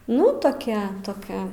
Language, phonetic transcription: Lithuanian, nu toˈkia toˈkia

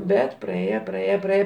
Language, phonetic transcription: Lithuanian, ˈbet praˈėje praˈėje praˈėje

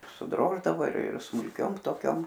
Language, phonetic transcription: Lithuanian, suˈdroždavo ir ir smulˈkiom toˈkiom

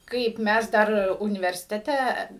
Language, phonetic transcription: Lithuanian, ˈkaip ˈmæs ˈdar universiteˈte

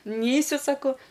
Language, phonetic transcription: Lithuanian, ˈneisiu ˈsako

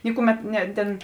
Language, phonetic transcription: Lithuanian, ˈnikuˌmet ne tėn

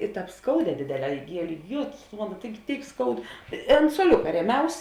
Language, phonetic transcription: Lithuanian, i ˈtāp ˈskauˌdē ˈdėdėˌlē iˈgielė ˈjėtus tu ˈmano ˈtaigi ˈtėik ˈskaud i ant suoˈliuka ˈrieˌmiaus

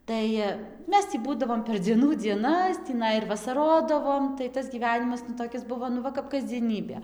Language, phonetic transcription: Lithuanian, ˈtai ˈmes tį ˈbūdavom per dzieˈnų dzieˈnas tįˈnai ir vasaˈrodavom tai ˈtas gyˈvenimas nu toˈkis ˈbuvo nu ˈva kap kasdzieˈnybė

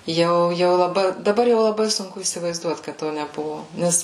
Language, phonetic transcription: Lithuanian, ˈjau jau laˈbai daˈbar jau laˈbai sunˈku įsivaizˈduot kad ˈto neˈbuvo ˈnes

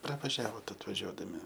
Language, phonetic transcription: Lithuanian, pravaˈžiavot atvaˈžiuodami

